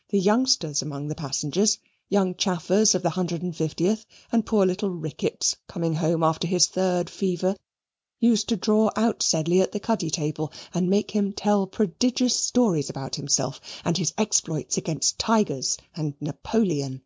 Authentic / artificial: authentic